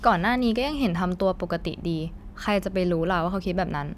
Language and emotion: Thai, frustrated